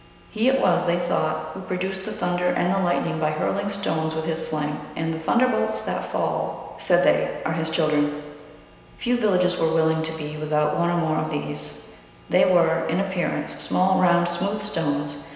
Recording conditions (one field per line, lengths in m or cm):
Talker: one person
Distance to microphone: 1.7 m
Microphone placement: close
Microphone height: 1.0 m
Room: very reverberant, large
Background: none